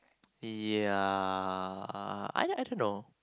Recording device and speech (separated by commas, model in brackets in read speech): close-talking microphone, conversation in the same room